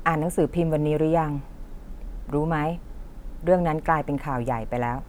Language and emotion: Thai, neutral